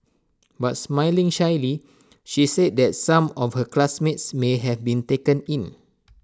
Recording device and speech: standing microphone (AKG C214), read sentence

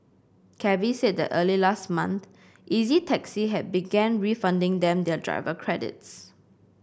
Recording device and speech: boundary microphone (BM630), read sentence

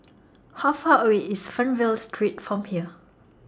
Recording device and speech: standing microphone (AKG C214), read sentence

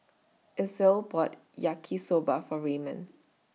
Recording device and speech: mobile phone (iPhone 6), read sentence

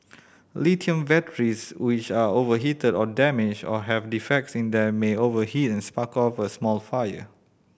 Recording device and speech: boundary microphone (BM630), read sentence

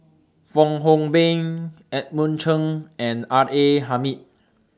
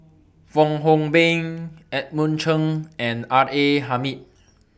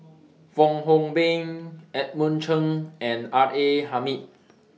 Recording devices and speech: standing microphone (AKG C214), boundary microphone (BM630), mobile phone (iPhone 6), read sentence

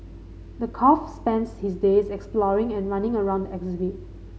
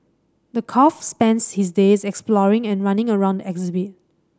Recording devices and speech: mobile phone (Samsung C5010), standing microphone (AKG C214), read sentence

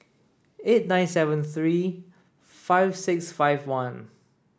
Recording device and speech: standing microphone (AKG C214), read sentence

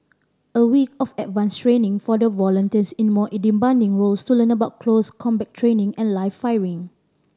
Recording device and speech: standing microphone (AKG C214), read sentence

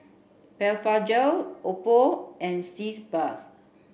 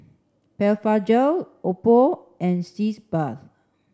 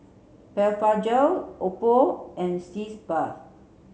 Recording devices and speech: boundary microphone (BM630), standing microphone (AKG C214), mobile phone (Samsung C7), read sentence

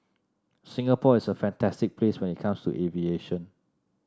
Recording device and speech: standing microphone (AKG C214), read sentence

